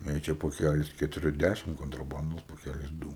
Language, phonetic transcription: Lithuanian, jei ˈčia poˈkælis ketuˈri ˈdæšim kontraˈbandos poˈkælis ˈdū

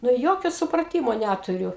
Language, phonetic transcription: Lithuanian, nu ˈjokio supraˈtymo ˈnæturiu

